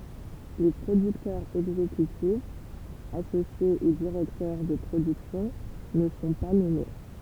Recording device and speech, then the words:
temple vibration pickup, read sentence
Les producteurs exécutifs, associés ou directeurs de production ne sont pas nommés.

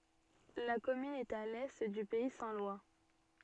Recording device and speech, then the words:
soft in-ear microphone, read sentence
La commune est à l'est du pays saint-lois.

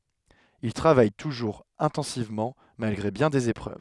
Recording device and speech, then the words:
headset microphone, read sentence
Il travaille toujours intensivement, malgré bien des épreuves.

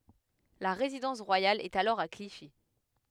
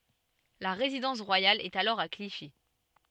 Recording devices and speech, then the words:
headset microphone, soft in-ear microphone, read sentence
La résidence royale est alors à Clichy.

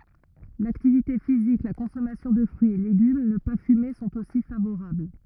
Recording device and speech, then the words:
rigid in-ear microphone, read sentence
L'activité physique, la consommation de fruits et légumes, ne pas fumer sont aussi favorables.

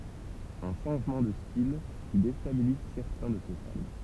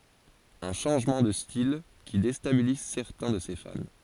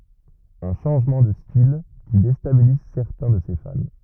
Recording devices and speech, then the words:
temple vibration pickup, forehead accelerometer, rigid in-ear microphone, read sentence
Un changement de style qui déstabilise certains de ses fans.

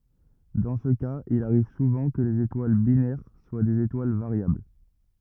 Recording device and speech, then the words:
rigid in-ear microphone, read sentence
Dans ce cas, il arrive souvent que les étoiles binaires soient des étoiles variables.

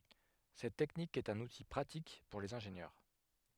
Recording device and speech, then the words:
headset microphone, read sentence
Cette technique est un outil pratique pour les ingénieurs.

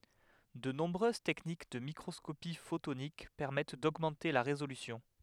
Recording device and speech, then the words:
headset microphone, read sentence
De nombreuses techniques de microscopie photonique permettent d'augmenter la résolution.

